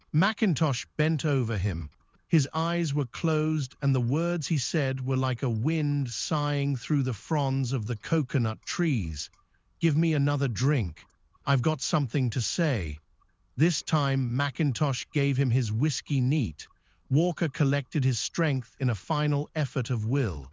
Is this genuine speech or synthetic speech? synthetic